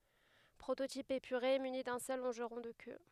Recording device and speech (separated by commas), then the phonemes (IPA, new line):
headset microphone, read sentence
pʁototip epyʁe myni dœ̃ sœl lɔ̃ʒʁɔ̃ də kø